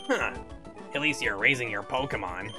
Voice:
gruff nasally voice